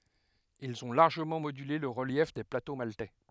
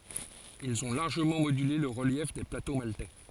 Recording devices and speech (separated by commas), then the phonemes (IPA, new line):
headset microphone, forehead accelerometer, read sentence
ilz ɔ̃ laʁʒəmɑ̃ modyle lə ʁəljɛf de plato maltɛ